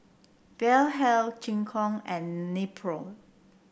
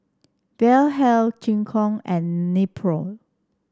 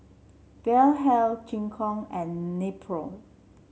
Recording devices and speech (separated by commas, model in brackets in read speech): boundary microphone (BM630), standing microphone (AKG C214), mobile phone (Samsung C7), read sentence